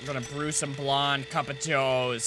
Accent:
bad New Jersey accent